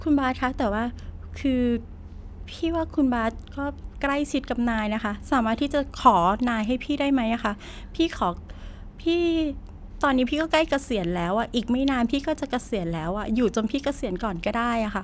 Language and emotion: Thai, frustrated